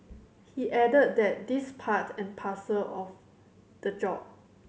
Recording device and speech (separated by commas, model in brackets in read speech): mobile phone (Samsung C7100), read sentence